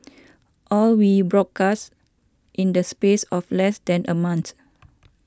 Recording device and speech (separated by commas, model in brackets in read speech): standing microphone (AKG C214), read sentence